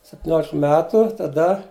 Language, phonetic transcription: Lithuanian, septiˈniolik ˈmetu taˈda

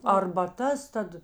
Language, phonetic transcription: Lithuanian, arbaˈtas ˈtad

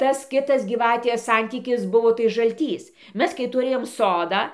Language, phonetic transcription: Lithuanian, ˈtas ˈkitas gyˈvatės ˈsantykis ˈbuvo tai žalˈtys ˈmes kai tuˈrėjom ˈsodą

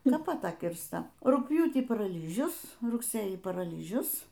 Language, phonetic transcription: Lithuanian, ˈnu pat ˈta kirsta rugpˈjūtį paraˈlyžius rugˈsėjį paraˈlyžius

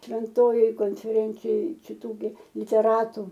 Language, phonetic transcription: Lithuanian, švenˈtojoj konfeˈrencijoj čiˈtų gi liteˈratu

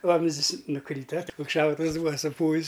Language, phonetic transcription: Lithuanian, ˈvamzdis nuˈkryta ot koks ˈšautuvs ˈbūva suˈpūvis

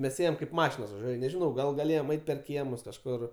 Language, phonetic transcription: Lithuanian, mes ˈėjem kaip ˈmašinos vaˈžiuoj aš nežiˈnau gal gaˈlėjom ˈait' per ˈkiemus kažˈkur

